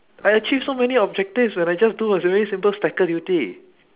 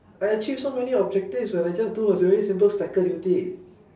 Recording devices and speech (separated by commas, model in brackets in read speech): telephone, standing microphone, conversation in separate rooms